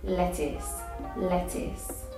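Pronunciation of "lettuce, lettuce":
'Lettuce' is said with a true T, not the American T.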